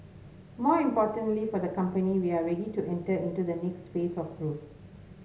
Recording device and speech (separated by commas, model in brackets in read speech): mobile phone (Samsung S8), read sentence